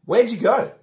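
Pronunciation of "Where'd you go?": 'Where did you' is reduced and runs together as "where'd ya".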